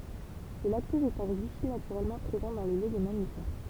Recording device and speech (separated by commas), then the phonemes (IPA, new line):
temple vibration pickup, read sentence
lə laktɔz ɛt œ̃ ɡlysid natyʁɛlmɑ̃ pʁezɑ̃ dɑ̃ lə lɛ de mamifɛʁ